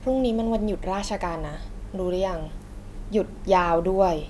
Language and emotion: Thai, frustrated